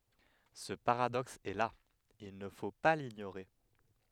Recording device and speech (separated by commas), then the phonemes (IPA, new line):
headset microphone, read sentence
sə paʁadɔks ɛ la il nə fo pa liɲoʁe